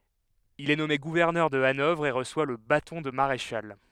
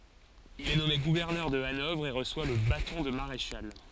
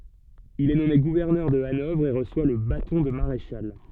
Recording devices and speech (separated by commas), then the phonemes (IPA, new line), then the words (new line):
headset microphone, forehead accelerometer, soft in-ear microphone, read sentence
il ɛ nɔme ɡuvɛʁnœʁ də anɔvʁ e ʁəswa lə batɔ̃ də maʁeʃal
Il est nommé gouverneur de Hanovre, et reçoit le bâton de maréchal.